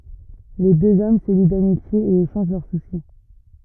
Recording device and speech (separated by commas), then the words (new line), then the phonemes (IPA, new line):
rigid in-ear microphone, read sentence
Les deux hommes se lient d’amitié et échangent leurs soucis.
le døz ɔm sə li damitje e eʃɑ̃ʒ lœʁ susi